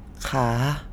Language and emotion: Thai, sad